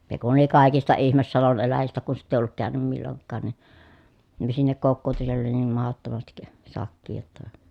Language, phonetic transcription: Finnish, (s)e kun oli kàikista ihmes salon eläjistä ku sitt ‿èi olluk kä̀y̬nym milloŋkkaan ni , sinnek kokkootu siell ‿oli niim mahottomastik , sak̆kii jotta .
- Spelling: se kun oli kaikista ihme salon eläjistä kun sitä ei ollut käynyt milloinkaan niin sinne kokoutui siellä oli niin mahdottomasti sakkia jotta

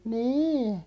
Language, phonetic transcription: Finnish, 'nî .
- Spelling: niin

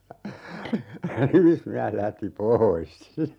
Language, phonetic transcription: Finnish, 'nimismiäs 'lähti "poois .
- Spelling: nimismies lähti pois

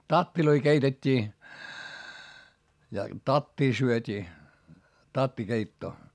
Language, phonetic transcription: Finnish, tattiloi keitet́t́ii , ja , tattii syöt́ii , tattikeittoo .
- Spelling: tatteja keitettiin ja tattia syötiin tattikeittoa

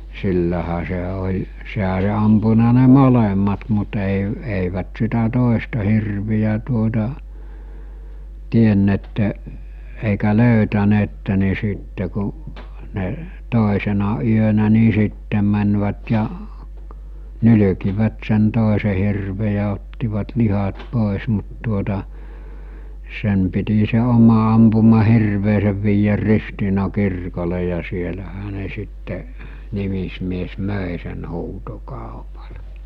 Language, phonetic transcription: Finnish, 'sillähä se ol̜ , seɦä ol̜ ampuna ne 'molemmat mut èi , èivät sitä 'tòesta hirvijä tuota , 'tienne̳tte , èikä 'löytäneette ni 'sìtte ku , ne , 'tòisena yönä ni 'sittem̆ mänvät ja , 'nyly̭kivät sen 'tòese hirve ja ottivat 'lihat 'pòes mut tuota , 'sen̳ piti se 'oma ampuma 'hirveesev viijär 'Ristiina 'kirkole ja sielähä ne sitte , 'nimismies 'mö̀e sen 'huuto'kàopalᴀ .
- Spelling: sillähän se oli sehän oli ampunut ne molemmat mutta ei eivät sitä toista hirveä tuota tienneet eikä löytäneet niin sitten kun ne toisena yönä niin sitten menivät ja nylkivät sen toisen hirven ja ottivat lihat pois mutta tuota sen piti se oma ampuma hirvensä viedä Ristiinan kirkolle ja siellähän ne sitten nimismies myi sen huutokaupalla

